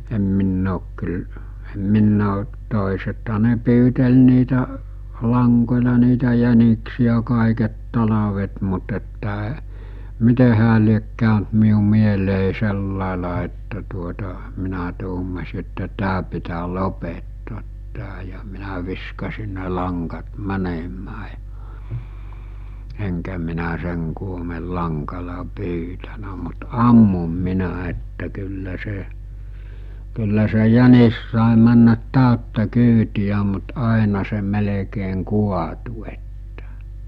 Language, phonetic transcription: Finnish, em minn ‿ook kyl- , em 'minn ‿oo , tòesetha ne pyytel niitä , 'laŋkoĺa niitä 'jäniksi₍ä 'kàiket 'talavet mut että̀ , 'mite hää liek kä̀önt 'miu mielèi 'sellàela että tuota , 'minä tuumasi että 'tää pitää "lopettoot tää ja 'minä viskasin̆ ne 'laŋkat 'mänemää jᴀ , eŋkä minä 'seŋ kuomi̬l 'laŋkala 'pyytänä mut "ammum 'minä että 'kyllä 'se , kyllä se 'jänis sàe männät 'tä̀öttä 'kyyti₍ä mut 'àina se 'melekeeŋ 'kuatu ettᴀ̈ .
- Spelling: en minä ole - en minä ole toisethan ne pyyteli niitä langoilla niitä jäniksiä kaiket talvet mutta että miten hän lie käynyt minun mieleni sillä lailla että tuota minä tuumasin että tämä pitää lopettaa tämä ja minä viskasin ne langat menemään ja enkä minä sen koommin langalla pyytänyt mutta ammuin minä että kyllä se kyllä se jänis sai mennä täyttä kyytiä mutta aina se melkein kaatui että

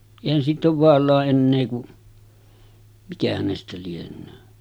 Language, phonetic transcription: Finnish, 'èihän siitᵗ ‿oov "Vaal̆laa’ '’ennee ku , mikä hänestä lien̆nöö .
- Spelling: eihän siitä ole Vaalaan enää kuin mikä hänestä lienee

